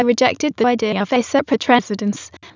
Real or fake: fake